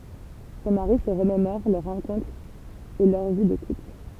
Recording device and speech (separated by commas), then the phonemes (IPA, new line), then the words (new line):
temple vibration pickup, read sentence
sɔ̃ maʁi sə ʁəmemɔʁ lœʁ ʁɑ̃kɔ̃tʁ e lœʁ vi də kupl
Son mari se remémore leur rencontre et leur vie de couple.